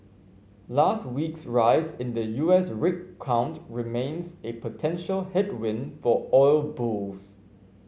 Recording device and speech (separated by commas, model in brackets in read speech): mobile phone (Samsung C5), read sentence